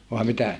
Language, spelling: Finnish, vai mitä
- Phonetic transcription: vàe mitä ?

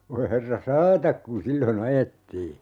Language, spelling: Finnish, voi herra saata kun silloin ajettiin
- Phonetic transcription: voi 'herra "saatak kun "sillo'n ‿ajettii .

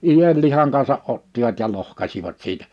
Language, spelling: Finnish, ienlihan kanssa ottivat ja lohkaisivat siitä
- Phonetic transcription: 'ijellihaŋ kansa '’ottivat ja 'lohkasivat siitᴀ̈ .

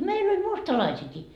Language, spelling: Finnish, meillä oli mustalaisiakin
- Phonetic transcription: 'meil ‿oĺ 'mustalaisiiki .

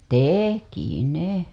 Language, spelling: Finnish, teki ne
- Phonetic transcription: tek̀i 'ne .

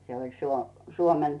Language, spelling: Finnish, se oli - Suomen
- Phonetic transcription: se oĺ 'Suo- , 'Suomen .

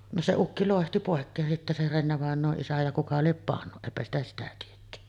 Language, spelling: Finnish, no se ukki loihti pois sitten se Renne-vainajan isä ja kuka lie pannut eipä sitä sitä tietty
- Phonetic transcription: no 'se 'ukki lòehti pòekkeen sitte se 'Rennevàeǹoo’ ’isä ja kuka liep "pannu , 'èipä ‿stä sitä tietty .

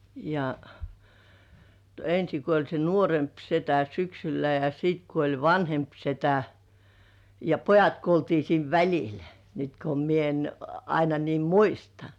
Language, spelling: Finnish, ja ensin kuoli se nuorempi setä syksyllä ja sitten kuoli vanhempi setä ja pojat kuoltiin siinä välillä nyt kun minä en aina niin muista
- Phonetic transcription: ja , 'ensi kuoĺ se "nuoremp setä 'syksylä ja siit kuoĺ "vanhemp 'setä , ja "pojat 'kuoltii siin "väĺil , nyt ko mie en 'aina niim "muista .

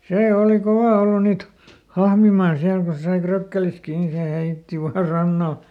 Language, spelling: Finnish, se oli kova ollut niitä hahmimaan siellä kun se sai frökkelistä kiinni niin se heitti vain rannalle
- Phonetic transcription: ˈsè ˈooli "kovà ˈollu niit , ˈhahmimaan ˈsiäl ko se sai ˈfrökkelis ˈkii ni se "heitti vaa ˈrannal .

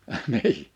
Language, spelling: Finnish, - niin
- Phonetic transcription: əh 'nii !

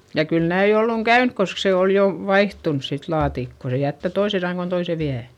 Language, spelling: Finnish, ja kyllä näin ollut käynyt koska se oli jo vaihtunut sitten laatikko se jättää toisen sangon toisen vie
- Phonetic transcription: ja kyl näi olluŋ käynk kosk se òl jo vaihtuns sit laatikko - se jättä toise saŋŋon toise viä .

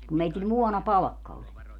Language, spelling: Finnish, kun meillä muonapalkka oli
- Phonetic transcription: kum 'meitil 'muɔna"palᵃkka oĺ .

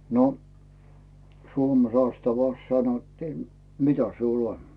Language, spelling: Finnish, no Suomen sastavassa sanottiin mitä sinulla on
- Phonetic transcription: no , "Suome 'sastavàs sanottii » "mitä siul ‿'on ? « .

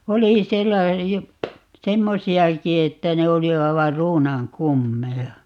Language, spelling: Finnish, no oli siellä jo semmoisiakin että ne oli aivan ruunan kummeja
- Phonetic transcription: 'no , "oli 'siellä (jo) , "semmosi₍aki että 'ne oli 'aivar "ruunaŋ "kummeja .

